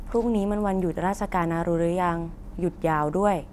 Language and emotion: Thai, neutral